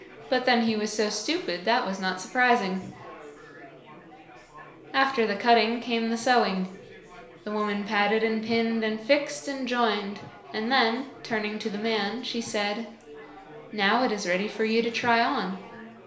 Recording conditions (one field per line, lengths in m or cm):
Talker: one person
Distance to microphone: 1.0 m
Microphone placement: close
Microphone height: 1.1 m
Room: small (3.7 m by 2.7 m)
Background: babble